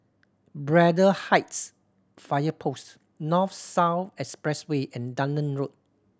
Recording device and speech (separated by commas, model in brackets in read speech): standing microphone (AKG C214), read sentence